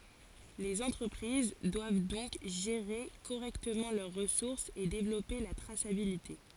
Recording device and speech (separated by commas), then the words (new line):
forehead accelerometer, read sentence
Les entreprises doivent donc gérer correctement leurs ressources et développer la traçabilité.